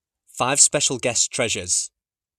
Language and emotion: English, neutral